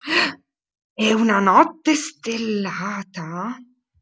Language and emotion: Italian, surprised